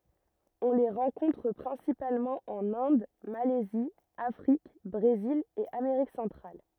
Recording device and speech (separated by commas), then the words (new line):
rigid in-ear microphone, read sentence
On les rencontre principalement en Inde, Malaisie, Afrique, Brésil et Amérique centrale.